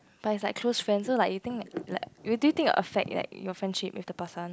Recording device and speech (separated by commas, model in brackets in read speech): close-talking microphone, conversation in the same room